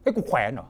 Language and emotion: Thai, angry